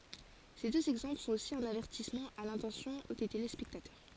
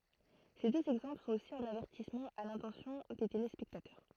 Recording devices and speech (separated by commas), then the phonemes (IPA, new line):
forehead accelerometer, throat microphone, read sentence
se døz ɛɡzɑ̃pl sɔ̃t osi œ̃n avɛʁtismɑ̃ a lɛ̃tɑ̃sjɔ̃ de telespɛktatœʁ